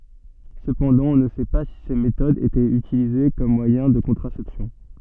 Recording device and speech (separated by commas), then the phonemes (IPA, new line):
soft in-ear microphone, read sentence
səpɑ̃dɑ̃ ɔ̃ nə sɛ pa si se metodz etɛt ytilize kɔm mwajɛ̃ də kɔ̃tʁasɛpsjɔ̃